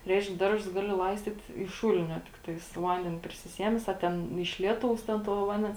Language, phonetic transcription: Lithuanian, ˈreišk ˈdarˌžus ˈgaˌli ˈlaistyt iš ˈšūlinio tikˈtais to ˈvandenė prisiˈsiemes a ˈten iš ˈlieˌtaus ˈten to ˈvandens

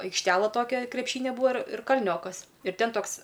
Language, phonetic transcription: Lithuanian, aikšˈtela ˈtokia krepˈšynia ˈbūva ir ir kalˈniokas ir ˈten ˈtoks

